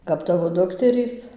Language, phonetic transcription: Lithuanian, kap ˈtavo ˈdukterys

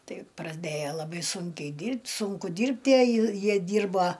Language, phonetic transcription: Lithuanian, ˈtai praˈdėjo laˈbai ˈsūnkiai ˈdyrbt' ˈsunku ˈdyrbt' ˈjie ˈjie ˈdyrba

